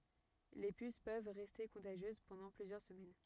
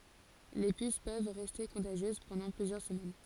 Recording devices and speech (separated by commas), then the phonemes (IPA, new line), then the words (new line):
rigid in-ear microphone, forehead accelerometer, read sentence
le pys pøv ʁɛste kɔ̃taʒjøz pɑ̃dɑ̃ plyzjœʁ səmɛn
Les puces peuvent rester contagieuses pendant plusieurs semaines.